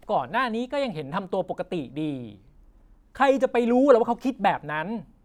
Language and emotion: Thai, frustrated